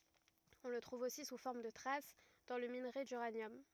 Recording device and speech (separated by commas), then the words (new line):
rigid in-ear microphone, read sentence
On le trouve aussi sous forme de traces dans le minerai d'uranium.